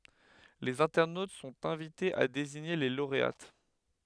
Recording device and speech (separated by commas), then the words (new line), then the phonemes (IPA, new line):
headset microphone, read sentence
Les internautes sont invités à désigner les lauréates.
lez ɛ̃tɛʁnot sɔ̃t ɛ̃vitez a deziɲe le loʁeat